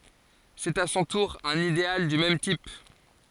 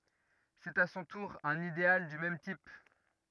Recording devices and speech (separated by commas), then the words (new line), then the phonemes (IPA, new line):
forehead accelerometer, rigid in-ear microphone, read sentence
C'est à son tour un idéal du même type.
sɛt a sɔ̃ tuʁ œ̃n ideal dy mɛm tip